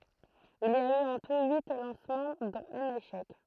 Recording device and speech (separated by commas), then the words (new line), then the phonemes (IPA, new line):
throat microphone, read sentence
Il y a eu en tout huit lancements dont un échec.
il i a y ɑ̃ tu yi lɑ̃smɑ̃ dɔ̃t œ̃n eʃɛk